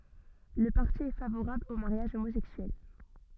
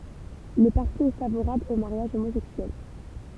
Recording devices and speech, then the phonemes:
soft in-ear microphone, temple vibration pickup, read sentence
lə paʁti ɛ favoʁabl o maʁjaʒ omozɛksyɛl

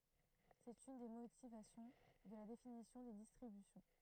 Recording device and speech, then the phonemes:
throat microphone, read sentence
sɛt yn de motivasjɔ̃ də la definisjɔ̃ de distʁibysjɔ̃

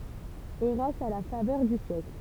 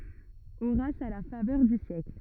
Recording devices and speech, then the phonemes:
temple vibration pickup, rigid in-ear microphone, read sentence
oʁas a la favœʁ dy sjɛkl

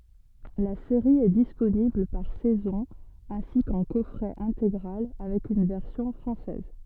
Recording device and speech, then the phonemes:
soft in-ear microphone, read sentence
la seʁi ɛ disponibl paʁ sɛzɔ̃ ɛ̃si kɑ̃ kɔfʁɛ ɛ̃teɡʁal avɛk yn vɛʁsjɔ̃ fʁɑ̃sɛz

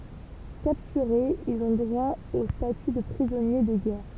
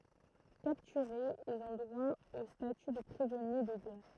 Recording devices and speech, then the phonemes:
temple vibration pickup, throat microphone, read sentence
kaptyʁez ilz ɔ̃ dʁwa o staty də pʁizɔnje də ɡɛʁ

